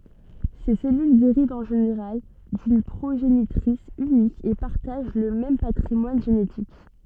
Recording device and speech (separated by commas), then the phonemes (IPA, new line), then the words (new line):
soft in-ear microphone, read sentence
se sɛlyl deʁivt ɑ̃ ʒeneʁal dyn pʁoʒenitʁis ynik e paʁtaʒ lə mɛm patʁimwan ʒenetik
Ces cellules dérivent en général d'une progénitrice unique et partagent le même patrimoine génétique.